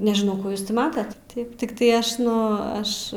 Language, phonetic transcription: Lithuanian, nežiˈnau ˈkų ˈjūs ˈti ˈmatat ˈtaip tikˈtai ˈaš ˈnu ˈaš

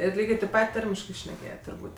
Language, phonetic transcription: Lithuanian, ir ˈlygė teip ˈpat' ˈtarmiškɜ šneˈkėjet' turˈbūt'

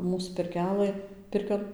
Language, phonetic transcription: Lithuanian, ˈmūs pirˈkelɘ ˈpirkion

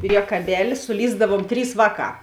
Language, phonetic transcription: Lithuanian, priekaˈbeli suˈlįsdavuom ˈtrys ˈvāˌkā

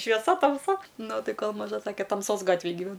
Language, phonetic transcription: Lithuanian, švieˈsa tamˈsa ˈnu ˈtai ˈkol maˈža ˈsake tamˈsos ˈgatvėj gyˈven

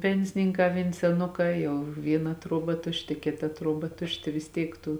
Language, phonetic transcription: Lithuanian, ˈpensininˌkā vėn seˈnukā ˈjau ˈvyˌna ˈtruoˌba ˈtušˌti ˈkėˌta ˈtruoˌba ˈtušˌti vis ˈtiek ˈtų

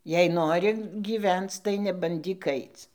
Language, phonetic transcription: Lithuanian, jei ˈnori gyˈvenc tai nebanˈdyk ˈaic

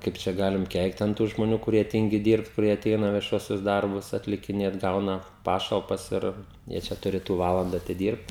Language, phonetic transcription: Lithuanian, ˈkaip čia ˈgalim ˈkeikt an tų žmoˈnių kuˈrie ˈtyngi ˈdyrbt kuˈrie aˈteina vieˈšuosius ˈdarbus atlikiˈnėt ˈgauna ˈpašalpas ˈir jie ˈčia tuˈrėtu ˈvalanda atiˈdyrbt

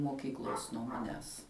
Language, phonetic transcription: Lithuanian, moˈkyklos nuo maˈnęs

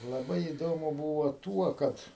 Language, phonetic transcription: Lithuanian, laˈbai įˈdomu ˈbūvo ˈtuo ˈkad

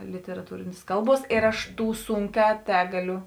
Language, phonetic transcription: Lithuanian, literaˈtūrėnės ˈkalˌbuos ˈėr aš ˈtų ˈsunˌkē ˈtegaˌliu

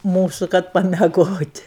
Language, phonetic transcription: Lithuanian, ˈmūsu kad pameˈgot'

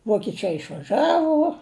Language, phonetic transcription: Lithuanian, vokiˈčai išvaˈžavu

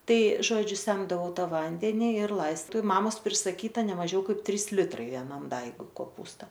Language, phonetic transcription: Lithuanian, ˈtai ˈžodžiu ˈsemdavau ˈtą ˈvandeni ir ˈlaistau i ˈmamos prisaˈkyta neˈmažiau ˈkaip ˈtrys ˈlitrai veˈnam ˈdaigui koˈpūsta

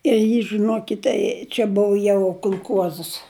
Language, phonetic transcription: Lithuanian, ir ˈjį žɨˈnuokite čia ˈbuvu jau kulˈkuozəs

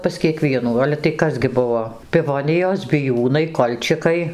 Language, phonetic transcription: Lithuanian, pas kieˈkvienų ˈale tai ˈkas gi ˈbuvo piˈvonijos biˈjūnai ˈkolčikai

